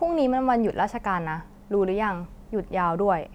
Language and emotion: Thai, neutral